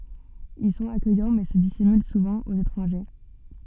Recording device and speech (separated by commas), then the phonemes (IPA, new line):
soft in-ear microphone, read sentence
il sɔ̃t akœjɑ̃ mɛ sə disimyl suvɑ̃ oz etʁɑ̃ʒe